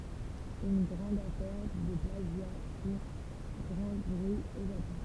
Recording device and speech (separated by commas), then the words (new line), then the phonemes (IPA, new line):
temple vibration pickup, read sentence
Une grande affaire de plagiat fit grand bruit au Japon.
yn ɡʁɑ̃d afɛʁ də plaʒja fi ɡʁɑ̃ bʁyi o ʒapɔ̃